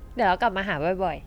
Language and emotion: Thai, happy